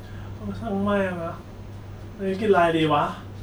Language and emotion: Thai, frustrated